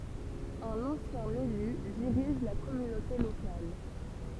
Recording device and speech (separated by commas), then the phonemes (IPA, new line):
temple vibration pickup, read sentence
œ̃n ɑ̃sjɛ̃ ely diʁiʒ la kɔmynote lokal